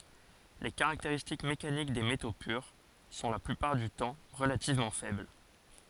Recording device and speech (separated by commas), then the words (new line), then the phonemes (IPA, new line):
forehead accelerometer, read sentence
Les caractéristiques mécaniques des métaux purs sont la plupart du temps relativement faibles.
le kaʁakteʁistik mekanik de meto pyʁ sɔ̃ la plypaʁ dy tɑ̃ ʁəlativmɑ̃ fɛbl